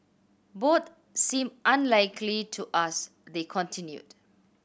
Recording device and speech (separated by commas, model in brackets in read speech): boundary microphone (BM630), read sentence